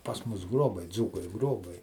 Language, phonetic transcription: Lithuanian, pas ˈmus ˈgrobai ˈdzūkai ˈgrobai

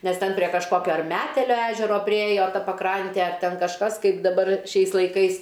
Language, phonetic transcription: Lithuanian, ˈnes ˈten prie kažˈkokio ar ˈmetelio ˈežero priˈėjo ˈta paˈkrantė ar ˈten kažˈkas ˈkaip daˈbar ˈšiais laiˈkais

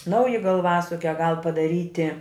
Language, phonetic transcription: Lithuanian, ˈnauji galˈvasukia gal padaˈryti

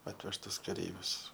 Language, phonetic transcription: Lithuanian, ˈatvežtus kaˈreivius

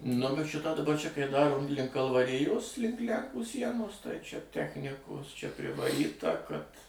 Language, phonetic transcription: Lithuanian, nu bet ˈšitą daˈba ˈčia kai ˈdaro ˈlink kalvaˈrijos ˈlink ˈlænkų ˈsienos tai ˈčia ˈtechnikos čia privaˈryta kad

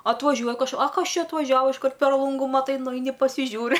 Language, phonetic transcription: Lithuanian, atvaˈžiuoj kaž a ˈkas ˈčia atvaˈžiava išˈkart per ˈlungu maˈtai nuˈeini pasiˈžiūri

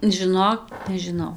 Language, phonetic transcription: Lithuanian, žiˈnok nežiˈnau

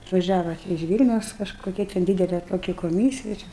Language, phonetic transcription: Lithuanian, atvaˈžiava iž ˈvylniaus kažkoˈkia ten ˈdydele toˈki koˈmysija čia

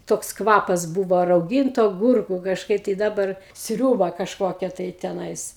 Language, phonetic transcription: Lithuanian, toks ˈkvapas ˈbūvo rauˈgintu aˈgurkų kažˈkaip tai ˈdabar ˈsriūba kažˈkokia tai teˈnais

